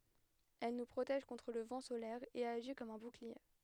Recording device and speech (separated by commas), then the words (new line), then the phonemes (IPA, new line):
headset microphone, read sentence
Elle nous protège contre le vent solaire et agit comme un bouclier.
ɛl nu pʁotɛʒ kɔ̃tʁ lə vɑ̃ solɛʁ e aʒi kɔm œ̃ buklie